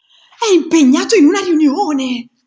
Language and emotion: Italian, surprised